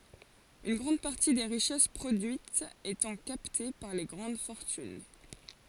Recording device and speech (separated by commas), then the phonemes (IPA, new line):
forehead accelerometer, read sentence
yn ɡʁɑ̃d paʁti de ʁiʃɛs pʁodyitz etɑ̃ kapte paʁ le ɡʁɑ̃d fɔʁtyn